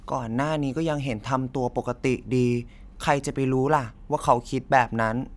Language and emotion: Thai, frustrated